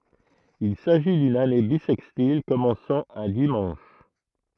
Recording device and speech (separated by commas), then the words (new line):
throat microphone, read sentence
Il s'agit d'une année bissextile commençant un dimanche.